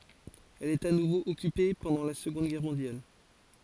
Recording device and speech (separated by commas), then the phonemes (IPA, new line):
forehead accelerometer, read sentence
ɛl ɛt a nuvo ɔkype pɑ̃dɑ̃ la səɡɔ̃d ɡɛʁ mɔ̃djal